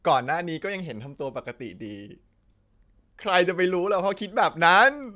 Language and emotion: Thai, happy